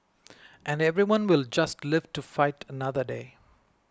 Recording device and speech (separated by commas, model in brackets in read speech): close-talking microphone (WH20), read sentence